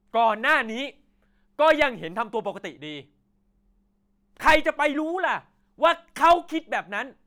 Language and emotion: Thai, angry